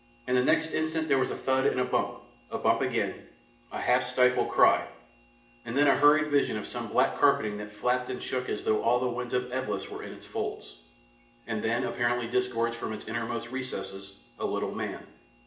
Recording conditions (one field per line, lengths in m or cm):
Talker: one person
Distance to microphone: 1.8 m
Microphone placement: close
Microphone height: 1.0 m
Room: large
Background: none